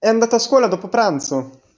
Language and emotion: Italian, surprised